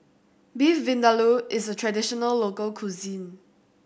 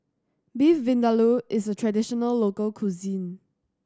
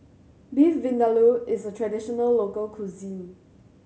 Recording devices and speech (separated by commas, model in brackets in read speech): boundary microphone (BM630), standing microphone (AKG C214), mobile phone (Samsung C7100), read sentence